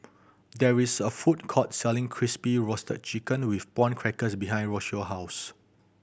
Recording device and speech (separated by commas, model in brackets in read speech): boundary microphone (BM630), read sentence